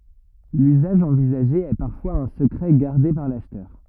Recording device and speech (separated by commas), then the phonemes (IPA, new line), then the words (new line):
rigid in-ear microphone, read sentence
lyzaʒ ɑ̃vizaʒe ɛ paʁfwaz œ̃ səkʁɛ ɡaʁde paʁ laʃtœʁ
L’usage envisagé est parfois un secret gardé par l’acheteur.